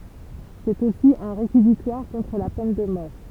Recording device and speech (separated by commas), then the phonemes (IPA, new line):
temple vibration pickup, read sentence
sɛt osi œ̃ ʁekizitwaʁ kɔ̃tʁ la pɛn də mɔʁ